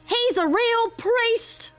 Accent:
Cockney accent